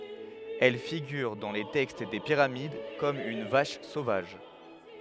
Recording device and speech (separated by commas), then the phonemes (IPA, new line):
headset microphone, read sentence
ɛl fiɡyʁ dɑ̃ le tɛkst de piʁamid kɔm yn vaʃ sovaʒ